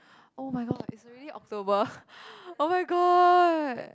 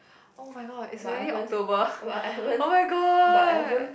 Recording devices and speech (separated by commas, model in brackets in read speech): close-talking microphone, boundary microphone, conversation in the same room